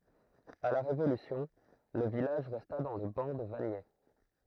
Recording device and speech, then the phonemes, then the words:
throat microphone, read sentence
a la ʁevolysjɔ̃ lə vilaʒ ʁɛsta dɑ̃ lə bɑ̃ də vaɲɛ
À la Révolution, le village resta dans le ban de Vagney.

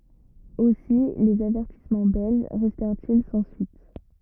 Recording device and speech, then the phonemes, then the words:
rigid in-ear microphone, read sentence
osi lez avɛʁtismɑ̃ bɛlʒ ʁɛstɛʁt il sɑ̃ syit
Aussi, les avertissements belges restèrent-ils sans suite.

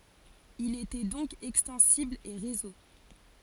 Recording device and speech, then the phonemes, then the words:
forehead accelerometer, read sentence
il etɛ dɔ̃k ɛkstɑ̃sibl e ʁezo
Il était donc extensible et réseau.

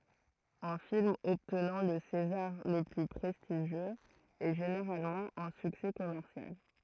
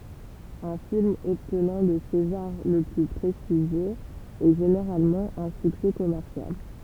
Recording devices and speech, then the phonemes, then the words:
throat microphone, temple vibration pickup, read sentence
œ̃ film ɔbtnɑ̃ lə sezaʁ lə ply pʁɛstiʒjøz ɛ ʒeneʁalmɑ̃ œ̃ syksɛ kɔmɛʁsjal
Un film obtenant le César le plus prestigieux est généralement un succès commercial.

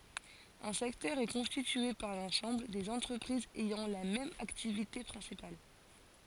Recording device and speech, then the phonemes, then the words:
forehead accelerometer, read sentence
œ̃ sɛktœʁ ɛ kɔ̃stitye paʁ lɑ̃sɑ̃bl dez ɑ̃tʁəpʁizz ɛjɑ̃ la mɛm aktivite pʁɛ̃sipal
Un secteur est constitué par l'ensemble des entreprises ayant la même activité principale.

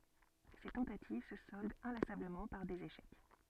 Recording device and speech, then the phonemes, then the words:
soft in-ear microphone, read sentence
se tɑ̃tativ sə sɔldt ɛ̃lasabləmɑ̃ paʁ dez eʃɛk
Ses tentatives se soldent inlassablement par des échecs.

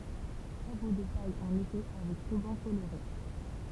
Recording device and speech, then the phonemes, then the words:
temple vibration pickup, read sentence
ʃapo də paj ɑ̃n ete avɛk ʁybɑ̃ koloʁe
Chapeau de paille en été avec ruban coloré.

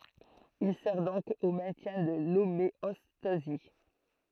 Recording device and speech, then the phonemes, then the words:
throat microphone, read sentence
il sɛʁ dɔ̃k o mɛ̃tjɛ̃ də lomeɔstazi
Il sert donc au maintien de l’homéostasie.

